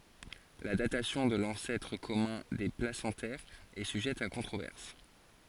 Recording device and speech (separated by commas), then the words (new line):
forehead accelerometer, read sentence
La datation de l'ancêtre commun des placentaires est sujette à controverse.